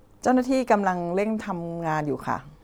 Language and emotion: Thai, neutral